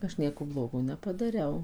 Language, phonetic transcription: Lithuanian, ˈaš ˈnieko ˈblogo nepadaˈriau

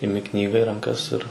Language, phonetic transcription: Lithuanian, iˈmi ˈknyga į ranˈkas ir

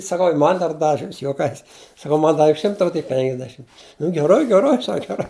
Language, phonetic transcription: Lithuanian, saˈkau ir ˈman dar ˈdavi ˈaš juoˈkais saˈkau ˈman ˈdavi ˈšimta o tik ˈpenkdešim nu geˈrai geˈrai ˈsak geˈrai

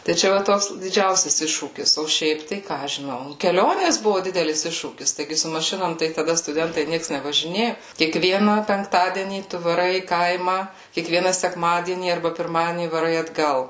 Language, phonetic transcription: Lithuanian, tai ˈčia va ˈtoks diˈdžiausias ˈiššūkis o ˈšiaip tai ˈką aš žiˈnau keˈlionės ˈbuvu ˈdidelis ˈiššūkis taiˈgi su maˈšinom tai taˈda stuˈdentai ˈnieks nevažiˈnėju kiekˈvieną penkˈtadienį ˈtu vaˈrai į ˈkaimą kiekˈviena sekˈmadienį arˈba pirˈmadienį vaˈrai atˈgal

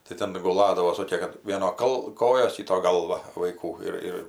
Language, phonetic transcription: Lithuanian, tai ˈten guˈladavo ˈsokė ˈvieno ˈkal ˈkojos ˈkyto ˈgalva vaiˈkų ir ˈir

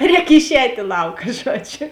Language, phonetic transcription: Lithuanian, ˈrēk išˈēt' i ˈlauka ˈžuoˌdžiu

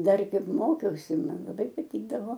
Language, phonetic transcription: Lithuanian, ˈdar ˈkaip ˈmokiausi ˈman laˈbai paˈtykdavo

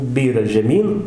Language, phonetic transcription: Lithuanian, ˈbyra žeˈmyn

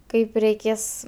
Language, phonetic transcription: Lithuanian, ˈkaip reiˈkės

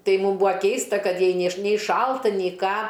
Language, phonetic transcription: Lithuanian, ˈtai ˈmūm ˈbūa ˈkeista ˈkad ˈjai ˈnė š nei ˈšalta nei ˈką

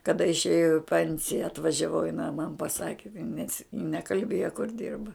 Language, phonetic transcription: Lithuanian, kaˈda išˈėjau jau i ˈpensija atvažiaˈvau jiˈnai man paˈsaki nes ji nekalˈbėjo kur ˈdirba

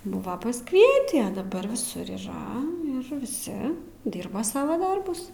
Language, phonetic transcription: Lithuanian, ˈbuva pasˈkvietį a daˈbar viˈsur yˈra ir viˈsi ˈdyrba ˈsava ˈdarbus

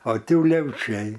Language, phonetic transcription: Lithuanian, o ˈti uleviˈčiai

